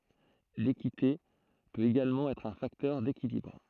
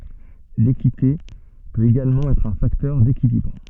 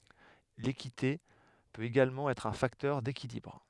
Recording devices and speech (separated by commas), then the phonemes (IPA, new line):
throat microphone, soft in-ear microphone, headset microphone, read sentence
lekite pøt eɡalmɑ̃ ɛtʁ œ̃ faktœʁ dekilibʁ